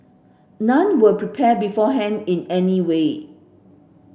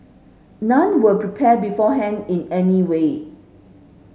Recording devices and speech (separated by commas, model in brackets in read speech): boundary microphone (BM630), mobile phone (Samsung S8), read sentence